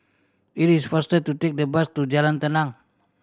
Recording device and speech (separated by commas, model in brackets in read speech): standing microphone (AKG C214), read sentence